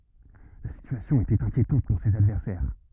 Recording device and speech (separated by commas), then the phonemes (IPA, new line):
rigid in-ear microphone, read sentence
la sityasjɔ̃ etɛt ɛ̃kjetɑ̃t puʁ sez advɛʁsɛʁ